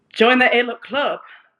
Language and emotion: English, disgusted